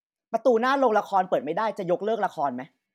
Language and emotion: Thai, angry